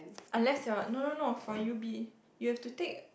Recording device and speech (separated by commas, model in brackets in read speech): boundary microphone, conversation in the same room